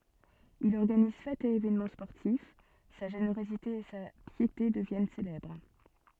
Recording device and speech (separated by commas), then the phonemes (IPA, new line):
soft in-ear microphone, read sentence
il ɔʁɡaniz fɛtz e evɛnmɑ̃ spɔʁtif sa ʒeneʁozite e sa pjete dəvjɛn selɛbʁ